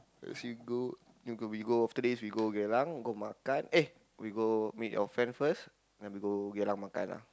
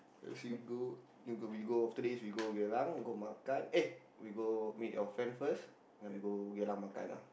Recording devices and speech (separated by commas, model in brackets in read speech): close-talking microphone, boundary microphone, conversation in the same room